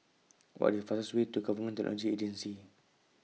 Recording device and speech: mobile phone (iPhone 6), read sentence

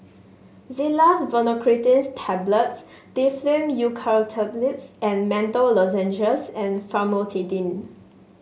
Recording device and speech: mobile phone (Samsung S8), read sentence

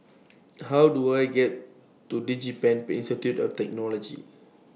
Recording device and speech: mobile phone (iPhone 6), read sentence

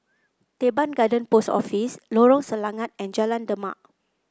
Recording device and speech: close-talking microphone (WH30), read sentence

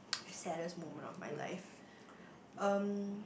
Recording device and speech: boundary microphone, conversation in the same room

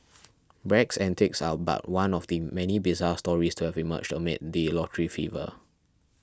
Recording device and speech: standing microphone (AKG C214), read sentence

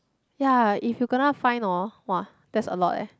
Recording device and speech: close-talking microphone, conversation in the same room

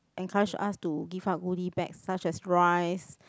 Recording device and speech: close-talking microphone, conversation in the same room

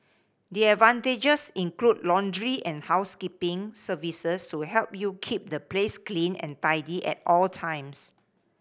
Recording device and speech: boundary microphone (BM630), read sentence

